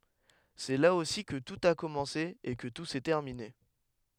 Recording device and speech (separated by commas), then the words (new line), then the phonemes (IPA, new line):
headset microphone, read sentence
C'est là aussi que tout a commencé et que tout s'est terminé.
sɛ la osi kə tut a kɔmɑ̃se e kə tu sɛ tɛʁmine